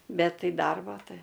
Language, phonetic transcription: Lithuanian, ˈbet ˈtai ˈdarbo ˈtai

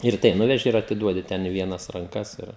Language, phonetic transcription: Lithuanian, ir ˈtai ˈnuveži ir atiˈduodi ˈten i ˈvienas ranˈkas ˈir

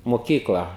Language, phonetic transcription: Lithuanian, moˈkykla

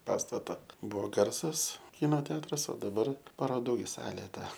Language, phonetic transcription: Lithuanian, ˈpastata ˈbuvo ˈgarsas ˈkyno ˈteatras o daˈbar paroˈdų gi ˈsalė ˈta

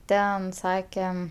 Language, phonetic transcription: Lithuanian, ˈten ˈsakem

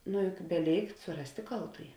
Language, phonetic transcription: Lithuanian, nu juk beˈlėikt suˈrastė ˈkaltųji

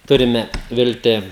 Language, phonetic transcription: Lithuanian, ˈturime ˈvilti

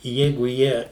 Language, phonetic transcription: Lithuanian, ˈjeigu ˈjie

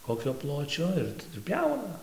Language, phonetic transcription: Lithuanian, ˈkokio ˈpločio ir ˈtadu ˈpjauna

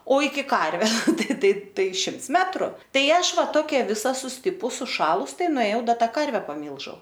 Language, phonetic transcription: Lithuanian, o iki ˈkarve ˈtai ˈtai ˈtai ˈšimts ˈmetru ˈtai ˈaš ˈva ˈtokia ˈvisa susˈtipus suˈšalus ˈtai nuėˈjau ˈda ˈta ˈkarve paˈmylžiau

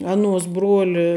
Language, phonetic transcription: Lithuanian, ˈanuos ˈbruoli

